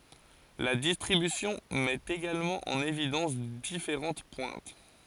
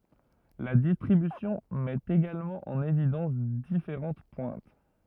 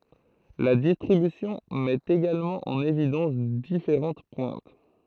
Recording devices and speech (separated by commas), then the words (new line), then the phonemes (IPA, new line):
forehead accelerometer, rigid in-ear microphone, throat microphone, read sentence
La distribution met également en évidence différentes pointes.
la distʁibysjɔ̃ mɛt eɡalmɑ̃ ɑ̃n evidɑ̃s difeʁɑ̃t pwɛ̃t